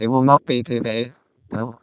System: VC, vocoder